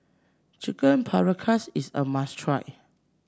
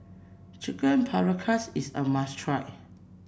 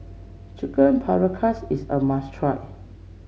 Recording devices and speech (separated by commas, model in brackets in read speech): standing microphone (AKG C214), boundary microphone (BM630), mobile phone (Samsung C7), read sentence